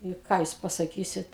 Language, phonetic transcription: Lithuanian, i ˈką jūs pasaˈkysit

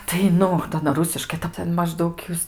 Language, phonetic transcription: Lithuanian, tai ˈnu ta aˈna ˈrusiškai tai ˈten mažˈdaug ˈjūs

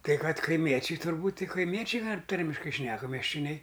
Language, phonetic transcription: Lithuanian, kai ˈkad kaiˈmiečiai turˈbūt' ˈtik kaiˈmiečiai ˈtarmiškai ˈšneka meščioˈniai

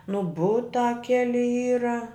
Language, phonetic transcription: Lithuanian, nu ˈbutā ˈkeli ˈyra

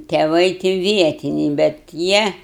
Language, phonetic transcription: Lithuanian, teˈvai ti ˈvietiniai bet ˈjie

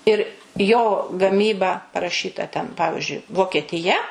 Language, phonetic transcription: Lithuanian, ir jo gaˈmyba paraˈšyta ten ˈpavižiui vokietiˈja

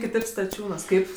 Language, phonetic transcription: Lithuanian, kiˈtaip staˈčiūnuos ˈkaip

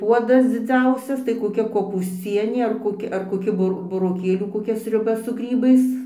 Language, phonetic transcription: Lithuanian, ˈpuodas dziˈdziausias tai koˈkia kopūsˈcienė ar koˈki ar koˈki buˈr buroˈkėlių koˈkia sriuˈba su ˈgrybais

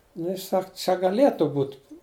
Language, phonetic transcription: Lithuanian, nu ˈjis ˈsak čia gaˈlėtu ˈbūt

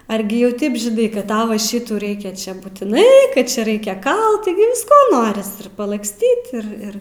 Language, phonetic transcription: Lithuanian, ˈargi jau ˈtaip žiˈnai kad ˈtau va ˈšitų ˈraikia ˈčia būtiˈnai ˈkad ˈčia ˈraikia ˈkalt tiˈgi visˈko ˈnoris ir palaksˈtyt ir ˈir

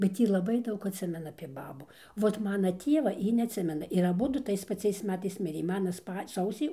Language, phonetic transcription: Lithuanian, bet ˈjy laˈbai ˈdaug atˈsimena apie ˈbabų ˈvot ˈmana ˈtieva ˈji neatˈsimena ir aˈbudu ˈtais paˈciais ˈmetais ˈmirė ˈmana ˈspa ˈsausį

